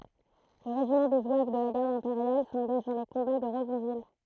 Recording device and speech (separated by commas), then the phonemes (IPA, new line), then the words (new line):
throat microphone, read sentence
lə ʁeʒimɑ̃ de zwav də la ɡaʁd ɛ̃peʁjal sɑ̃ɡaʒ dɑ̃ le kɔ̃ba də ʁəzɔ̃vil
Le régiment des zouaves de la Garde impériale s’engage dans les combats de Rezonville.